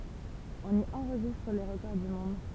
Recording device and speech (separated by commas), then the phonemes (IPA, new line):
temple vibration pickup, read sentence
ɔ̃n i ɑ̃ʁʒistʁ le ʁəkɔʁ dy mɔ̃d